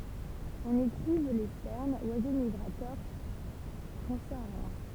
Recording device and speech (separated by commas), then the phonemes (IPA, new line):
temple vibration pickup, read sentence
ɔ̃n i tʁuv le stɛʁnz wazo miɡʁatœʁ tʁɑ̃saaʁjɛ̃